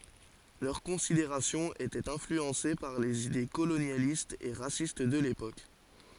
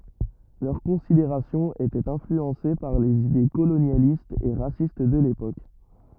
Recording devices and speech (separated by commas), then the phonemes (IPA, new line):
forehead accelerometer, rigid in-ear microphone, read sentence
lœʁ kɔ̃sideʁasjɔ̃z etɛt ɛ̃flyɑ̃se paʁ lez ide kolonjalistz e ʁasist də lepok